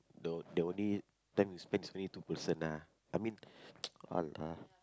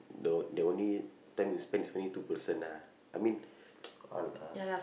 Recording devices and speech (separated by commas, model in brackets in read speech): close-talking microphone, boundary microphone, conversation in the same room